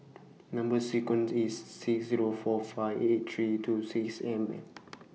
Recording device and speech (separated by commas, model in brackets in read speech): mobile phone (iPhone 6), read sentence